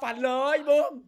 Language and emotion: Thai, happy